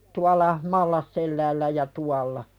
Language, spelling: Finnish, tuolla Mallasselällä ja tuolla
- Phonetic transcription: tual̆la , "Mallasselläällä ja 'tualla .

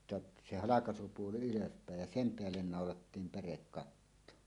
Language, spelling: Finnish, jotta se halkaisupuoli ylöspäin ja sen päälle naulattiin pärekatto
- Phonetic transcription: [et- ∼ jot-]tᵊ , 'se "halakasupuoli "ylöspä̀ej jä "sem 'peällen nàolattiim 'pärekkatto .

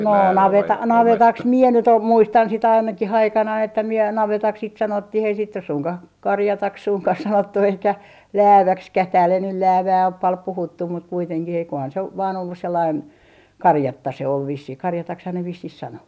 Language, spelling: Finnish, no - navetaksi minä nyt - muistan sitä ainakin aikanani että minä navetaksi sitä sanottiin ei sitä nyt suinkaan karjataksi suinkaan sanottu eikä lääväksikään täällä ei nyt läävää ole paljon puhuttu mutta kuitenkin eiköhän se ole vain ollut sellainen karjatta se oli vissiin karjataksihan ne vissiin sanoi
- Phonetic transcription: 'noo 'naveta - 'navetaks "miɛ nyt ‿om - 'muistan sit 'ainakih 'aikanai että miɛ 'navetaks sit 'sanottih ei sit nys suŋkah , "karjataks 'suŋkah 'sanottu eikä , "lääväkskäh tääl ‿ei nyl "läävää op pal 'puhuttum mut 'kuiteŋkih eikohan se , ov vaan ollus sellain , "karjatta se ol 'vissih , 'karjatakshan ne 'vissih 'sano .

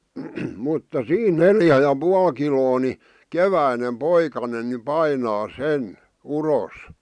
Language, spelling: Finnish, mutta siinä neljä ja puoli kiloa niin keväinen poikanen niin painaa sen uros
- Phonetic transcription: mutta "siin "neljä ja 'pual kiloo ni , "keväinem "poikanen ni "painaa "sen , "uros .

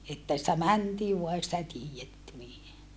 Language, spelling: Finnish, että sitä mentiin vain ei sitä tiedetty niin
- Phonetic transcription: että sⁱtä mäntii vua ei sitä tiijetty nii .

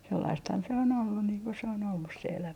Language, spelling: Finnish, sellaistahan se on ollut niin kuin se on ollut se elämä
- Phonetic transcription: 'sellaisthan se on 'ollun niiŋ ko se on ollus se elämä .

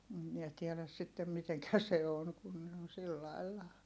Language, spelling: Finnish, - minä tiedä sitten miten se on kun ne on sillä lailla
- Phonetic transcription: m̥ miɛ tiɛläs sittem miteŋkä se on kun ne on sillailla .

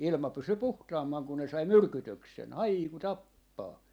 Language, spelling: Finnish, ilma pysyi puhtaampana kun ne sai myrkytyksen haiku tappaa
- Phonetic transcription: 'ilma 'pysy "puhtaammaŋ ku ne sai "myrkytöksen , "haiku "tappaa .

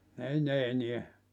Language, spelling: Finnish, ei ne enää
- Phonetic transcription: 'ei ne 'eniä .

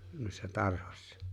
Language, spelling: Finnish, noissa tarhoissa
- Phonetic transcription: nuissa 'tarhᴏśsᴀ .

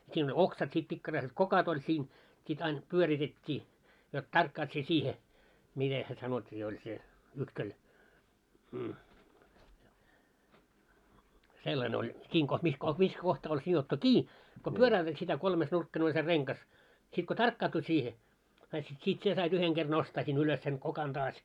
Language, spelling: Finnish, siinä oli oksat sitten pikkaraiset kokot oli sinne sitten aina pyöritettiin jotta tarkkaat sinä siihen miten se sanottiin oli se - sellainen oli sinne - missä - missä kohtaa oli sidottu kiinni kun pyöräytät sitä kolmenurkkainen oli se rengas sitten kun tarkkaantui siihen sait sitten siitä sinä sait yhden kerran nostaa sinne ylös sen kokan taas
- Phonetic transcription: siin oĺ "oksat sit pikkaraiset 'kokot ‿oĺ sin , sit ain , 'pyöritet́t́ii , jot 'tarkkaat sie 'siihe , 'mite se sanot́t́ii oĺ se , (ytköl-) , 'sellan ‿oĺ , 'sin koh- mis koh- mis 'kohtaa oĺ sijottu "kii , ko "pyörä₍ytät sitä 'kolmes'nurkkane oĺ se 'reŋkas , sit ko "tarkkaatu siihe , sait sit 'siit 'sie sait 'yheŋ ɢer 'nostaa sin ‿ulös sen , 'kokan taas .

